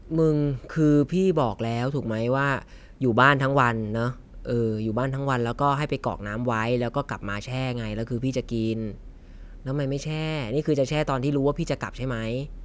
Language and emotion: Thai, frustrated